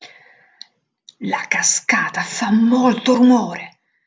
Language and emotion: Italian, angry